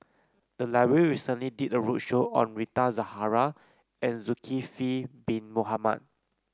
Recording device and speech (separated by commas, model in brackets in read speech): close-talking microphone (WH30), read sentence